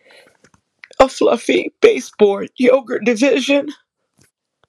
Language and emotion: English, fearful